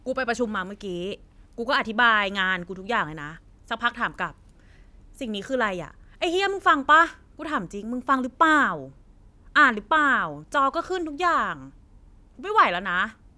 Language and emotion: Thai, frustrated